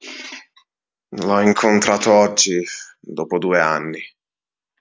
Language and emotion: Italian, disgusted